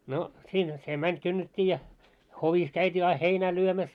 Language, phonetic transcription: Finnish, no , 'siinhä se 'mäń kynnet́t́ii ja , 'hovis käyt́ii ai "heinää lyömäs .
- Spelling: no siinähän se meni kynnettiin ja hovissa käytiin aina heinää lyömässä

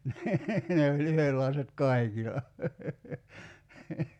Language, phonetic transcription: Finnish, nii , 'ne oĺ 'yhellaiset "kai̬kila .
- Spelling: niin ne oli yhdenlaiset kaikilla

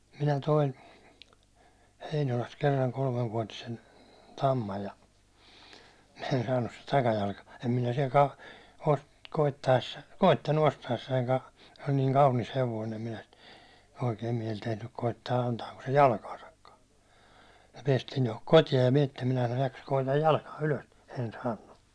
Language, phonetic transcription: Finnish, minä 'toin , 'Heinolast kerraŋ 'kolmevvuåtisen , 'tammaj ja , en saannus sit takajalkᴀ , em minä siɛl ka- , ko- , koitta₍essa , 'koittannu 'osta₍essaiŋka , se oĺ niiŋ 'kaunis 'hevoin̬ em minä sit , oikeim miɛl tehnyk koittaa antaako se 'jalkaasakkaa , ja piɛstiin tohok "koti₍aj ja (minä että) minä sanoj » jakkas koitaj "jalkaa 'ylös « , en 'saannu .
- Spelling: minä toin Heinolasta kerran kolmevuotisen tamman ja en saanut sitä takajalka en minä siellä - - koettaessa koettanut ostaessanikaan se oli niin kaunis hevonen en minä sitä oikein mieli tehnyt koettaa antaako se jalkaansakaan ja päästiin tuohon kotiin ja minä että minä sanoin jahka koetan jalkaa ylös en saanut

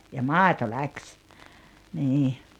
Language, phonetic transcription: Finnish, ja "màito "läkś , 'nii .
- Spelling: ja maito lähti niin

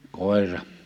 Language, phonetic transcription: Finnish, 'kòi̬ra .
- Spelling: koira

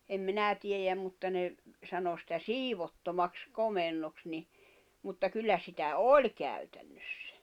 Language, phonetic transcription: Finnish, em 'minä tiejäm mutta ne , sano sitä "siivottomaks 'komennoks ni , mutta 'kyllä sitä "oĺ käytännössᴀ̈ .
- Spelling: en minä tiedä mutta ne sanoi sitä siivottomaksi komennoksi niin mutta kyllä sitä oli käytännössä

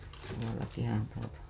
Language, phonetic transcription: Finnish, tuolakihan tuota .
- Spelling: tuollakinhan tuota

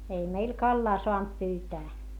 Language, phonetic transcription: Finnish, ei meil kallaa soant pyytää .
- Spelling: ei meillä kalaa saanut pyytää

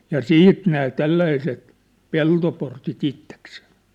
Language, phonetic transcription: Finnish, ja "siit nää "tälläiset , "peltoportit 'itteksee .
- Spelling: ja sitten nämä tällaiset peltoportit itsekseen

